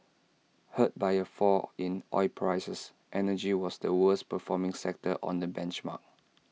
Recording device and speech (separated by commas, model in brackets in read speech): mobile phone (iPhone 6), read sentence